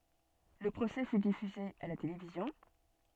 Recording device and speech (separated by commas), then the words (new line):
soft in-ear microphone, read sentence
Le procès fut diffusé à la télévision.